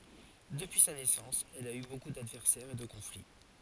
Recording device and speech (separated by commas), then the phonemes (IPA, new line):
forehead accelerometer, read sentence
dəpyi sa nɛsɑ̃s ɛl a y boku dadvɛʁsɛʁz e də kɔ̃fli